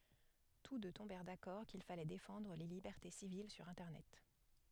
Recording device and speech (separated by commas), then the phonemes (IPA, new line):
headset microphone, read sentence
tus dø tɔ̃bɛʁ dakɔʁ kil falɛ defɑ̃dʁ le libɛʁte sivil syʁ ɛ̃tɛʁnɛt